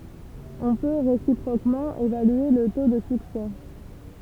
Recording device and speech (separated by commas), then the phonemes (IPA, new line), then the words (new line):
temple vibration pickup, read sentence
ɔ̃ pø ʁesipʁokmɑ̃ evalye lə to də syksɛ
On peut, réciproquement, évaluer le taux de succès.